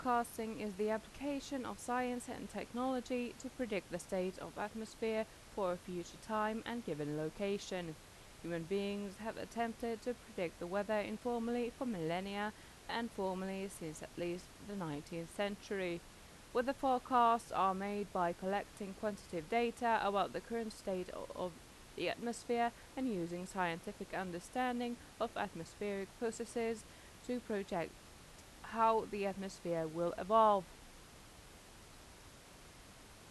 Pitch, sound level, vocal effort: 210 Hz, 86 dB SPL, normal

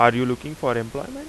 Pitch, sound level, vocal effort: 125 Hz, 88 dB SPL, loud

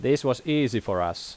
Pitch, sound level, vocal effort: 125 Hz, 88 dB SPL, loud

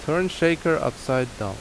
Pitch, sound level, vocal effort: 155 Hz, 82 dB SPL, loud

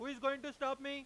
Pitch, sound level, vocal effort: 275 Hz, 103 dB SPL, very loud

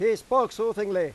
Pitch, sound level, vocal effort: 230 Hz, 101 dB SPL, very loud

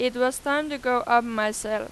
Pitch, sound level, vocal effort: 250 Hz, 95 dB SPL, very loud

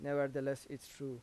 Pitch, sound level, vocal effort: 140 Hz, 86 dB SPL, normal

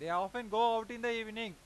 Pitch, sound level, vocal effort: 225 Hz, 102 dB SPL, loud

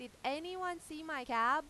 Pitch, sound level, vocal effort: 305 Hz, 97 dB SPL, very loud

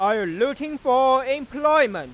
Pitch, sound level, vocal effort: 265 Hz, 107 dB SPL, very loud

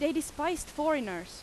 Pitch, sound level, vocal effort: 300 Hz, 91 dB SPL, very loud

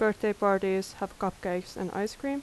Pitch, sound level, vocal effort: 195 Hz, 81 dB SPL, normal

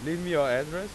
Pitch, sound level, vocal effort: 165 Hz, 96 dB SPL, loud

